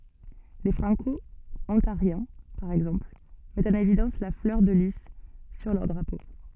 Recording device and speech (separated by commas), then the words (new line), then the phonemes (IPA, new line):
soft in-ear microphone, read sentence
Les Franco-Ontariens, par exemple, mettent en évidence la fleur de lis sur leur drapeau.
le fʁɑ̃kɔɔ̃taʁjɛ̃ paʁ ɛɡzɑ̃pl mɛtt ɑ̃n evidɑ̃s la flœʁ də li syʁ lœʁ dʁapo